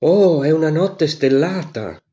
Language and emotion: Italian, surprised